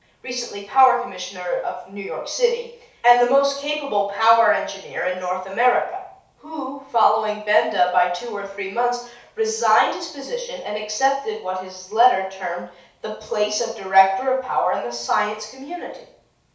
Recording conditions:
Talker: one person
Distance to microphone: 3.0 m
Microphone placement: far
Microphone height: 1.8 m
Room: small (3.7 m by 2.7 m)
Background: none

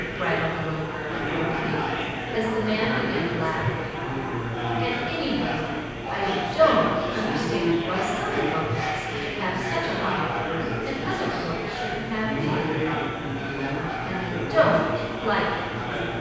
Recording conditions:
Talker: one person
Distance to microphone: 7.1 m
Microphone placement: far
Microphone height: 1.7 m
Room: very reverberant, large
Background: babble

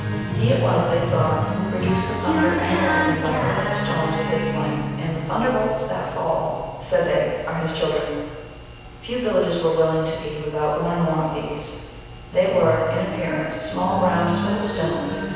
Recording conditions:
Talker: one person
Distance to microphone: 7.1 m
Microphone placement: far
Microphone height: 1.7 m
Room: very reverberant, large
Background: music

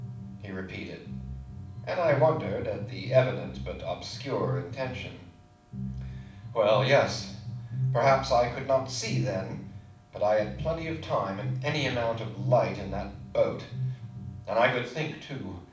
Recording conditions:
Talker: one person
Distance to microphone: 5.8 m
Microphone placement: far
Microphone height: 1.8 m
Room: medium-sized (5.7 m by 4.0 m)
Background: music

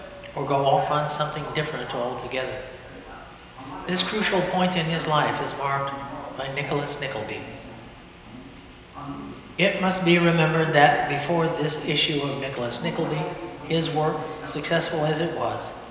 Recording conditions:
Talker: one person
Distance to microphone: 1.7 m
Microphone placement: close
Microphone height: 1.0 m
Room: very reverberant, large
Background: television

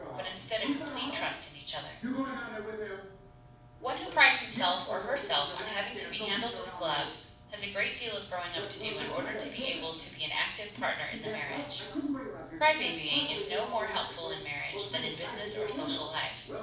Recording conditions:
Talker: one person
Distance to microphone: 5.8 m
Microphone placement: far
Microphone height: 1.8 m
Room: medium-sized (5.7 m by 4.0 m)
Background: television

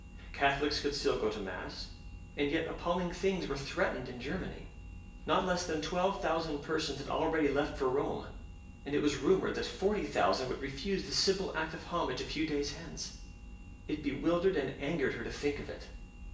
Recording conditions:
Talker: one person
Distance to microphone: 1.8 m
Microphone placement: close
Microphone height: 1.0 m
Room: large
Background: none

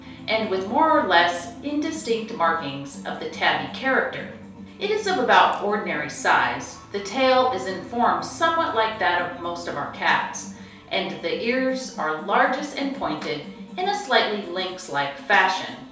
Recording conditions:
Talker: one person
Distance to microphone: 3.0 m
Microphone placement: far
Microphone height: 1.8 m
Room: small (3.7 m by 2.7 m)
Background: music

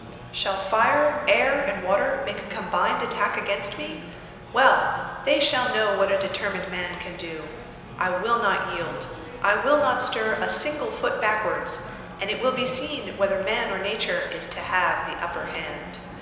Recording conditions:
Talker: one person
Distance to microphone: 1.7 m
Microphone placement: close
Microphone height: 1.0 m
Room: very reverberant, large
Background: babble

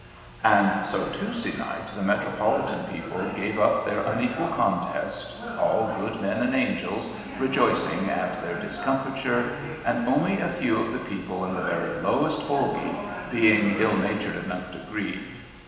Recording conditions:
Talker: one person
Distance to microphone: 1.7 m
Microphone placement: close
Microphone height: 1.0 m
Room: very reverberant, large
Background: television

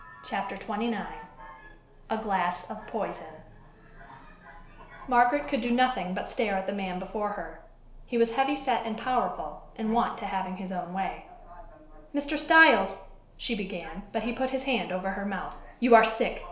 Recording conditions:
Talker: one person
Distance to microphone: 1.0 m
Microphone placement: close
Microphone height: 1.1 m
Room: small (3.7 m by 2.7 m)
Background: television

